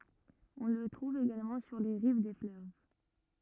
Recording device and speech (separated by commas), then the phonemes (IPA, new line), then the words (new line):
rigid in-ear microphone, read sentence
ɔ̃ lə tʁuv eɡalmɑ̃ syʁ le ʁiv de fløv
On le trouve également sur les rives des fleuves.